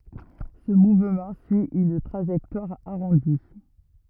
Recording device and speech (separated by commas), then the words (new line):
rigid in-ear microphone, read sentence
Ce mouvement suit une trajectoire arrondie.